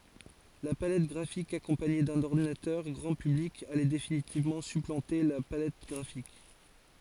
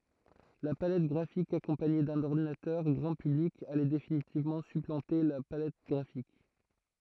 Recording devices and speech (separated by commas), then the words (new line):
forehead accelerometer, throat microphone, read sentence
La palette graphique accompagnée d'un ordinateur grand public allait définitivement supplanter la palette graphique.